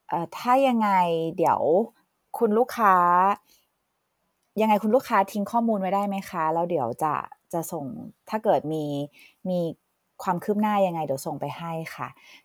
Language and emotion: Thai, neutral